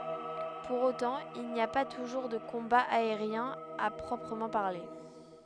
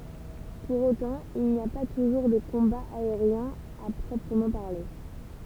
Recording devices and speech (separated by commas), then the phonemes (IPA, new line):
headset microphone, temple vibration pickup, read sentence
puʁ otɑ̃ il ni a pa tuʒuʁ də kɔ̃baz aeʁjɛ̃z a pʁɔpʁəmɑ̃ paʁle